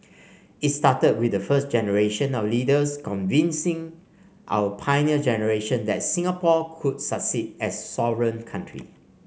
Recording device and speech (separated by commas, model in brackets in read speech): mobile phone (Samsung C5), read sentence